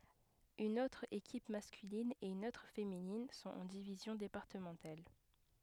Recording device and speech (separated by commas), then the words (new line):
headset microphone, read sentence
Une autre équipe masculine et une autre féminine sont en divisions départementales.